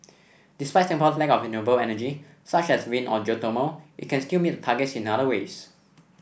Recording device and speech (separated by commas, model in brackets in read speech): boundary microphone (BM630), read sentence